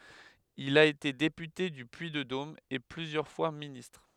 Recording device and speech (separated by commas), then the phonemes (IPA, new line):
headset microphone, read sentence
il a ete depyte dy pyiddom e plyzjœʁ fwa ministʁ